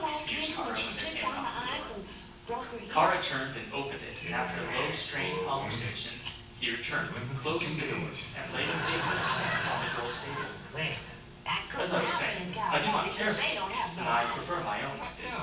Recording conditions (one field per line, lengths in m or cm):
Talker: one person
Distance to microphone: 9.8 m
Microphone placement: far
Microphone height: 1.8 m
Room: large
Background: television